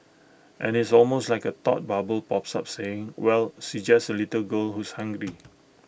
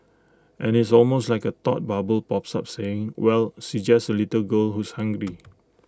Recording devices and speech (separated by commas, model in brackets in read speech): boundary microphone (BM630), close-talking microphone (WH20), read sentence